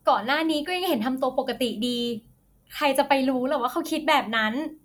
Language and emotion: Thai, neutral